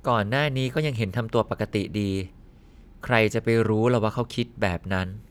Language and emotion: Thai, neutral